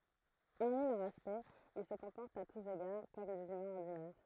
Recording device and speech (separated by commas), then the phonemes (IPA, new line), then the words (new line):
throat microphone, read sentence
ɔʁmi lœʁ aspɛkt il sə kɔ̃pɔʁtt a tus eɡaʁ kɔm dez ymɛ̃z ɔʁdinɛʁ
Hormis leur aspect, ils se comportent à tous égards comme des humains ordinaires.